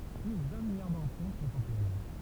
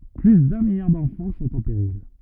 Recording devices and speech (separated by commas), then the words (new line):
temple vibration pickup, rigid in-ear microphone, read sentence
Plus d’un milliard d’enfants sont en péril.